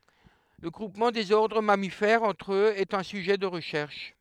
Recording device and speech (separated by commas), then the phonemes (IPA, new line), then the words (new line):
headset microphone, read sentence
lə ɡʁupmɑ̃ dez ɔʁdʁ mamifɛʁz ɑ̃tʁ øz ɛt œ̃ syʒɛ də ʁəʃɛʁʃ
Le groupement des ordres mammifères entre eux est un sujet de recherche.